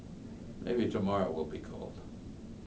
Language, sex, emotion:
English, male, neutral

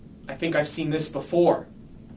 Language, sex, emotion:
English, male, fearful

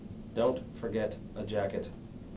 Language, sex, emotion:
English, male, disgusted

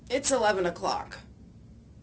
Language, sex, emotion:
English, female, disgusted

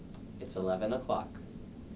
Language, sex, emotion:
English, male, neutral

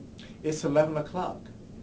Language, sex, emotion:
English, male, neutral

